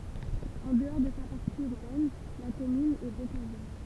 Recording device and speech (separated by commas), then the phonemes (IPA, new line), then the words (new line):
temple vibration pickup, read sentence
ɑ̃ dəɔʁ də sa paʁti yʁbɛn la kɔmyn ɛ bokaʒɛʁ
En dehors de sa partie urbaine, la commune est bocagère.